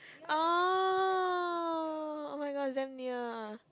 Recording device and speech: close-talking microphone, conversation in the same room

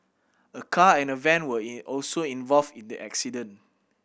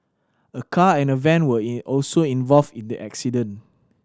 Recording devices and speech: boundary microphone (BM630), standing microphone (AKG C214), read sentence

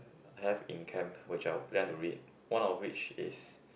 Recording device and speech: boundary microphone, conversation in the same room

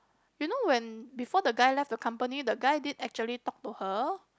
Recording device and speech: close-talking microphone, conversation in the same room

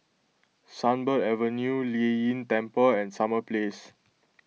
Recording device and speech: mobile phone (iPhone 6), read sentence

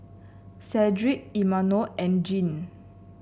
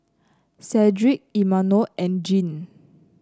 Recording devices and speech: boundary microphone (BM630), close-talking microphone (WH30), read sentence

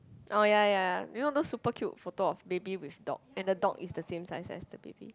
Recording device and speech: close-talking microphone, conversation in the same room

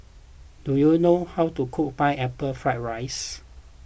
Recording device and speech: boundary microphone (BM630), read sentence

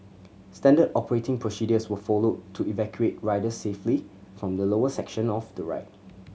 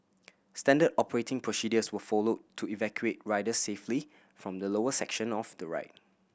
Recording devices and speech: mobile phone (Samsung C7100), boundary microphone (BM630), read sentence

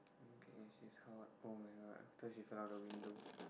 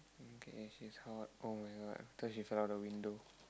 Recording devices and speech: boundary microphone, close-talking microphone, conversation in the same room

